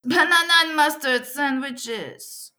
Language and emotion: English, sad